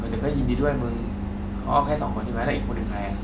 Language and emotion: Thai, neutral